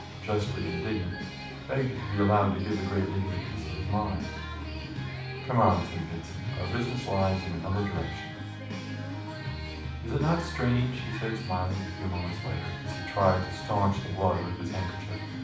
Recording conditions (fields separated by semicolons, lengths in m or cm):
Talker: one person; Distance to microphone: 5.8 m; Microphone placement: far; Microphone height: 1.8 m; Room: medium-sized (5.7 m by 4.0 m); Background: music